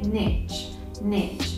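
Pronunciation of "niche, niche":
'Niche' is said twice in the American way, ending in a ch sound.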